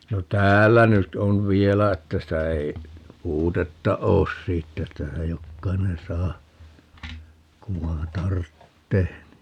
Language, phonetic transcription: Finnish, no "täällä 'nyt on "vielä että sitä ei , "puutetta 'oos siittä että (sitä) 'jokkainen 'saa , 'ku vai̮n "tarttee (ni) .
- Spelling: no täällä nyt on vielä että sitä ei puutetta ole siitä että sitä jokainen saa kun vain tarvitsee niin

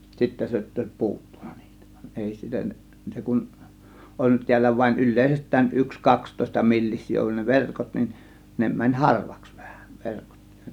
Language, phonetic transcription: Finnish, sittä (se ‿o)tt ‿òės "puuttUNA NIItÄ VAN 'ˀèi sitä , 'se kun , 'oll(u)t 'tiällä vain 'yl̆lèisest̆tään 'yks 'kakstòėsta 'milliś̆sii ollun ne "verkot nin , 'ne mäń "harvAks VÄHÄ 'verkot .
- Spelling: sitten se jotta olisi puuttunut niitä vaan ei sitä se kun ollut täällä vain yleisestään yksi kaksitoista millisiä ollut ne verkot niin ne meni harvaksi vähän verkot

